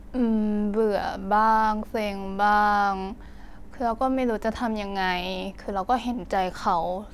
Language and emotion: Thai, frustrated